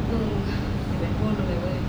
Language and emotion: Thai, frustrated